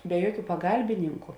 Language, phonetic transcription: Lithuanian, be ˈjuoˌkių paˈgalbininku

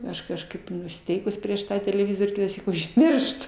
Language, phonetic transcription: Lithuanian, ˈaš kažˈkaip nusiˈteikus ˈprieš ˈtą teleˈvizor' kitąˈsyk užˈmirštu

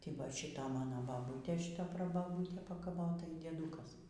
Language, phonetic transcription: Lithuanian, ˈtai ˈva ˈšyta ˈmano ˈbabūtė ˈšyta prabaˈbūtė pakaˈvota y dieˈdūkas

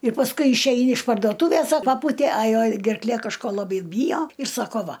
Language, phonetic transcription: Lithuanian, ir pasˈkui išˈeini iš pardoˈtūvės a ˈpapūtė a ˈjau gerkˈlė kažˈko laˈbai ˈbyjo ir ˈsako ˈva

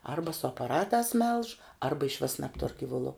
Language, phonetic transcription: Lithuanian, ˈarba su apaˈratās melž ˈarba išˈvis nebˈtur givuˈlu

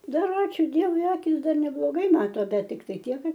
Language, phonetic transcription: Lithuanian, ˈdar ˈačiū ˈdievui ˈakis ˈdar nebloˈgai ˈmato ˈbet tikˈtai ˈtiek ˈkad

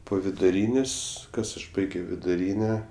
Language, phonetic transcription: Lithuanian, po viduˈrynės' ˈkas aš ˈbaigio viduˈryne

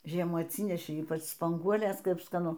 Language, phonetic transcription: Lithuanian, ˈžiemų atˈsynešei ˈypač spanˈguolės ˈkap skaˈnu

